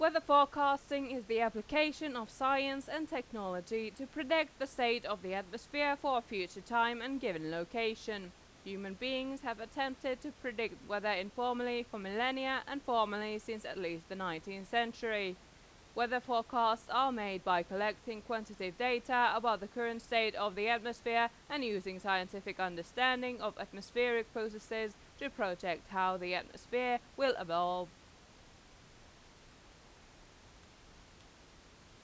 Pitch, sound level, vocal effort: 230 Hz, 92 dB SPL, loud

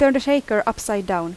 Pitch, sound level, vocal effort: 215 Hz, 86 dB SPL, loud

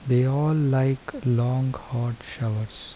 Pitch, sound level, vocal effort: 130 Hz, 74 dB SPL, soft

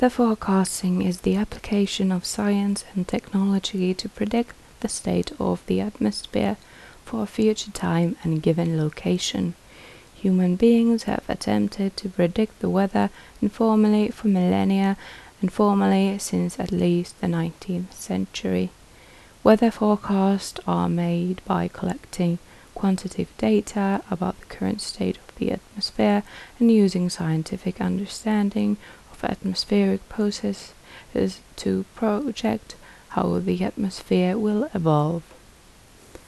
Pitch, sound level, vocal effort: 195 Hz, 73 dB SPL, soft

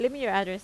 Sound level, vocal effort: 86 dB SPL, normal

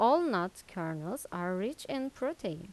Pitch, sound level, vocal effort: 195 Hz, 85 dB SPL, normal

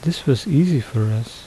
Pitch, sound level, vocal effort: 135 Hz, 74 dB SPL, soft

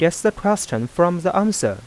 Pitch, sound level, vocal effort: 175 Hz, 87 dB SPL, soft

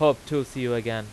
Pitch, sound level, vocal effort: 130 Hz, 94 dB SPL, very loud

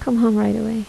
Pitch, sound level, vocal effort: 220 Hz, 76 dB SPL, soft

